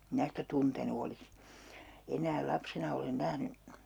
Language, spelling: Finnish, minä sitä tuntenut olisi enää lapsena olen nähnyt
- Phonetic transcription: 'mⁱnä sitä "tuntenu olis , 'enääl 'lapsena olen 'nähny .

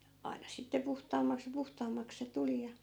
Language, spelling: Finnish, aina sitten puhtaammaksi ja puhtaammaksi se tuli ja
- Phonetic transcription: 'ai̮na sitte 'puhtaammaks ja 'puhtaammaks se "tuli ja .

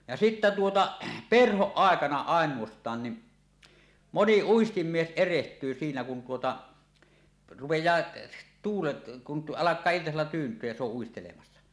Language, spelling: Finnish, ja sitten tuota perhon aikana ainoastaan niin moni uistinmies erehtyy siinä kun tuota rupeaa tuulet kun - alkaa iltasella tyyntyä ja se on uistelemassa
- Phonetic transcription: ja sittä tuota , "perhoˀ 'ˀàekana "àeǹuost̀aan ni , "moni 'uistimmies ereht̀yy siinä kun tuota , 'rupej̀aa , tuulet , kun t- "ˀalak̀aa 'iltasella tyynt̀yöj ja se ‿oˀ 'ˀuistelemassa .

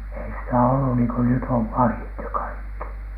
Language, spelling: Finnish, ei sitä ollut niin kuin nyt on vahdit ja kaikki
- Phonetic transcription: ei sitä ollu niiŋ ko nyt ov "vahit ja 'kaikki .

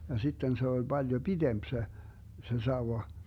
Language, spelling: Finnish, ja sitten se oli paljon pidempi se se sauva
- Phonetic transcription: ja 'sitten 'se oĺ 'Baljo "BiDemp se , 'se 'sauwa .

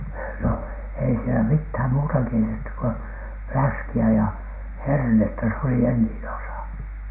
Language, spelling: Finnish, no ei siellä mitään muuta keitetty kuin läskiä ja hernettä se oli enin osa
- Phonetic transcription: no ei sielä mithäm muuta keitettyk ko , "fläski₍ä ja , "hernettä se oli 'enniin osa .

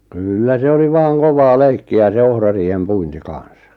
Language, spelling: Finnish, kyllä se oli vain kovaa leikkiä se ohrariihen puinti kanssa
- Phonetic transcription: kyllä se oli 'vaaŋ "kovaa "leikki₍ä se 'ohrariihem "puinti 'kan̬s .

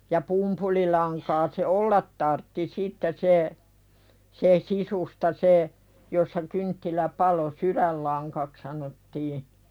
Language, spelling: Finnish, ja pumpulilankaa se olla tarvitsi sitten se se sisusta se jossa kynttilä paloi sydänlangaksi sanottiin
- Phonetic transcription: ja 'pumpulilaŋkaa se "’ollat tartti 'sitte se , se "sisusta se , jossa kynttilä "palo "suðällaŋkak sanottii .

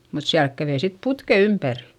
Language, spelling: Finnish, mutta siellä kävi sitten putket ympäri
- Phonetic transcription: mut siälk kävei sit putke ympärI .

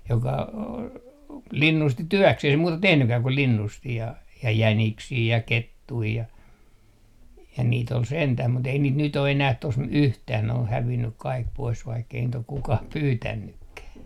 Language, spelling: Finnish, joka linnusti työkseen ei se muuta tehnytkään kuin linnusti ja jäniksiä ja kettuja ja ja niitä oli sentään mutta ei niitä nyt ole enää tuossa yhtään ne on hävinnyt kaikki pois vaikka ei niitä ole kukaan pyytänytkään
- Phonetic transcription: joka , "linnusti "työkseh ‿ei se 'muuta "tehnykää ku 'linnusti ja , "jäniksii ja "kettui ja , ja niit ‿ol 'sentäh mut ‿ei niit nyt o enäh tos "yhtään ne oh hävinnyk kaik pois vaikkei niit ‿ok 'kukah "pyytännykkää .

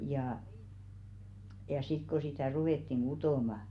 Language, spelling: Finnish, ja ja sitten kun sitä ruvettiin kutomaan
- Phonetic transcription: jà , ja 'sit ko sitä̀ 'ruwèttiŋ "ɢutòma ,.

